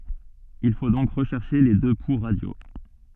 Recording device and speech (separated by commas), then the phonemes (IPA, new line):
soft in-ear microphone, read sentence
il fo dɔ̃k ʁəʃɛʁʃe le dø pu ʁadjo